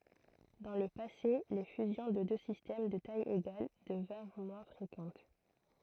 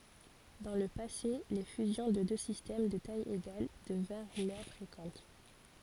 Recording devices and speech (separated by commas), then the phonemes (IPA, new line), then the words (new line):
throat microphone, forehead accelerometer, read sentence
dɑ̃ lə pase le fyzjɔ̃ də dø sistɛm də taj eɡal dəvɛ̃ʁ mwɛ̃ fʁekɑ̃t
Dans le passé, les fusions de deux systèmes de taille égales devinrent moins fréquentes.